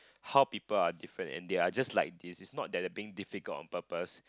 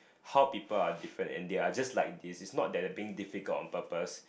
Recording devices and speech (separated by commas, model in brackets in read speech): close-talking microphone, boundary microphone, conversation in the same room